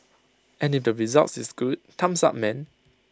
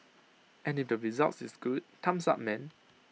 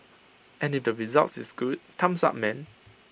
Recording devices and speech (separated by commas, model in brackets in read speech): close-talking microphone (WH20), mobile phone (iPhone 6), boundary microphone (BM630), read sentence